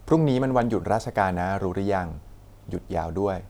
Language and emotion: Thai, neutral